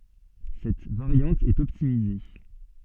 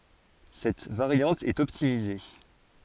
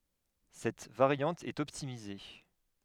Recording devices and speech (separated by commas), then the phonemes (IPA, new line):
soft in-ear microphone, forehead accelerometer, headset microphone, read sentence
sɛt vaʁjɑ̃t ɛt ɔptimize